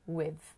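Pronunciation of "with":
'We've' is said in its weak form.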